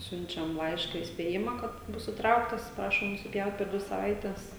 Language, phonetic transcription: Lithuanian, ˈsiunčiam ˈlaiška įspėˈjima kad ˈbus iˈtrauktas ˈprašom nusiˈpjaut per ˈdvi saˈvaites

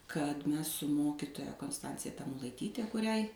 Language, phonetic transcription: Lithuanian, kad ˈmes su ˈmokitoja konsˈtancija tamulaiˈtyte kuˈriai

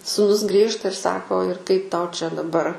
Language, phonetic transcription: Lithuanian, sūˈnus grįžta ir ˈsako ir kaip ˈtau čia daˈbar

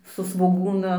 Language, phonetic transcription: Lithuanian, su svoˈgūna

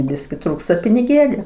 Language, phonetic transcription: Lithuanian, ˈbiski ˈtrūksta piniˈgėliu

